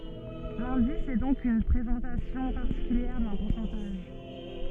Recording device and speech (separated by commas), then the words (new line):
soft in-ear microphone, read sentence
L'indice est donc une présentation particulière d'un pourcentage.